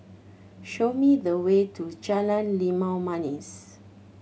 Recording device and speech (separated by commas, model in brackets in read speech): mobile phone (Samsung C7100), read sentence